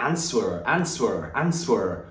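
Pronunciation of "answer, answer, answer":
'Answer' is pronounced incorrectly here, with the W sounded. In the correct pronunciation, the W is silent.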